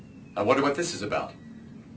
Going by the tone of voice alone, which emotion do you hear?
neutral